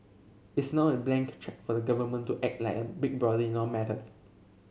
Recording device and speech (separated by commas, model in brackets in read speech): mobile phone (Samsung C7), read sentence